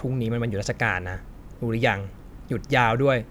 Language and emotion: Thai, frustrated